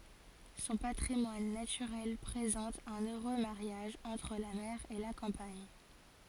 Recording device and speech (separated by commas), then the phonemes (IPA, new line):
forehead accelerometer, read sentence
sɔ̃ patʁimwan natyʁɛl pʁezɑ̃t œ̃n øʁø maʁjaʒ ɑ̃tʁ la mɛʁ e la kɑ̃paɲ